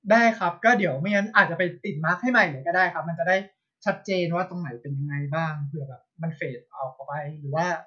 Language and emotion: Thai, neutral